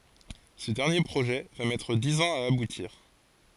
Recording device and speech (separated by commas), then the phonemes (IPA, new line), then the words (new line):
forehead accelerometer, read sentence
sə dɛʁnje pʁoʒɛ va mɛtʁ diz ɑ̃z a abutiʁ
Ce dernier projet va mettre dix ans à aboutir.